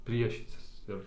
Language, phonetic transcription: Lithuanian, ˈpriešycis ˈir

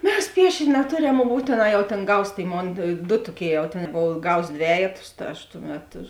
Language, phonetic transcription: Lithuanian, ˈmes ˈpiešėn' neˈtoˌrem mum ˈbūtėˌnā jau tėn ˈgaus ˈtėi ˈmon du ˈtoˌkėi jau tėn ˈbov ˈgaus ˈdvejetus ta ˈaš ˈtuˌmet

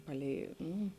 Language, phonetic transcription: Lithuanian, ˈpaˌlei ˈnū

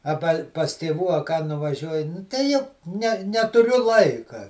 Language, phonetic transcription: Lithuanian, aˈba pas tėˈvų a ką nuvaˈžiuoji ˈnu tai ˈjau ne netuˈriu ˈlaika

